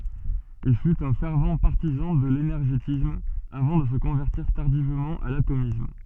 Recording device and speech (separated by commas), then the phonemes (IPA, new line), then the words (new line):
soft in-ear microphone, read sentence
il fyt œ̃ fɛʁv paʁtizɑ̃ də lenɛʁʒetism avɑ̃ də sə kɔ̃vɛʁtiʁ taʁdivmɑ̃ a latomism
Il fut un fervent partisan de l'énergétisme, avant de se convertir tardivement à l'atomisme.